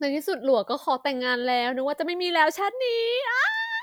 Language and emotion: Thai, happy